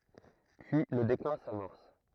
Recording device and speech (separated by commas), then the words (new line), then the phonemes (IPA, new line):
throat microphone, read sentence
Puis le déclin s'amorce.
pyi lə deklɛ̃ samɔʁs